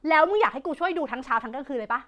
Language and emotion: Thai, angry